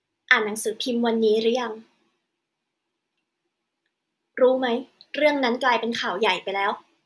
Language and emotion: Thai, frustrated